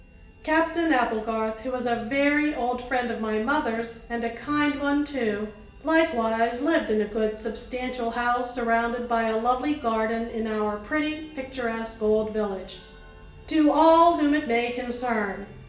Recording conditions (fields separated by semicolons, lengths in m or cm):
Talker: one person; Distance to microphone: 1.8 m; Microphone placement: close; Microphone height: 1.0 m; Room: large; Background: music